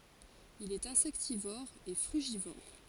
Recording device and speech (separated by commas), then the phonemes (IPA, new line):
forehead accelerometer, read sentence
il ɛt ɛ̃sɛktivɔʁ e fʁyʒivɔʁ